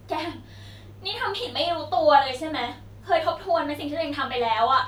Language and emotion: Thai, frustrated